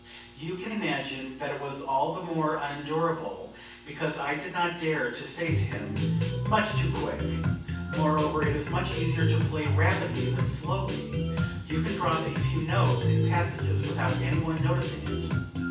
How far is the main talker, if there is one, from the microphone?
9.8 m.